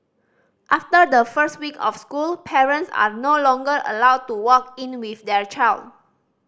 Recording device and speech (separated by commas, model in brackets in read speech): standing microphone (AKG C214), read sentence